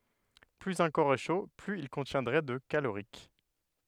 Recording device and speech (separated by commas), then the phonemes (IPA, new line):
headset microphone, read sentence
plyz œ̃ kɔʁ ɛ ʃo plyz il kɔ̃tjɛ̃dʁɛ də kaloʁik